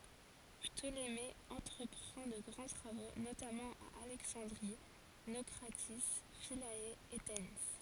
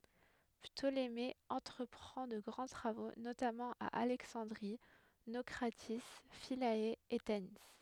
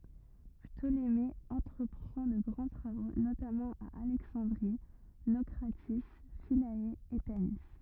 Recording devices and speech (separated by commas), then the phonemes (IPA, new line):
forehead accelerometer, headset microphone, rigid in-ear microphone, read sentence
ptoleme ɑ̃tʁəpʁɑ̃ də ɡʁɑ̃ tʁavo notamɑ̃ a alɛksɑ̃dʁi nokʁati fila e tani